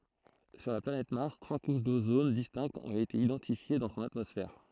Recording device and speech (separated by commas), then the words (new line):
throat microphone, read sentence
Sur la planète Mars, trois couches d'ozone distinctes ont été identifiées dans son atmosphère.